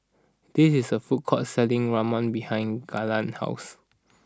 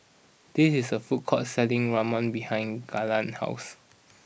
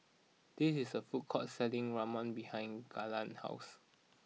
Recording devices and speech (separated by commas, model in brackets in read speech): standing microphone (AKG C214), boundary microphone (BM630), mobile phone (iPhone 6), read sentence